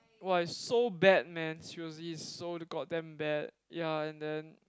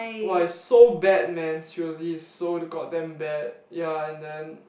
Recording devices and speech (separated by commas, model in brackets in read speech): close-talking microphone, boundary microphone, conversation in the same room